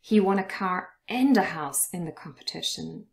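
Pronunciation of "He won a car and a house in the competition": The word 'and' is stressed and said in its full form, with a full a sound rather than a weak form.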